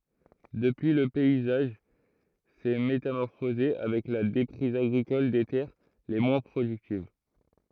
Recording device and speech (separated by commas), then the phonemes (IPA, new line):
throat microphone, read sentence
dəpyi lə pɛizaʒ sɛ metamɔʁfoze avɛk la depʁiz aɡʁikɔl de tɛʁ le mwɛ̃ pʁodyktiv